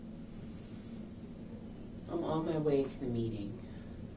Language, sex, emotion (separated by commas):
English, female, neutral